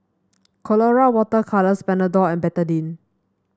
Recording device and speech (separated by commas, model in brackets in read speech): standing microphone (AKG C214), read sentence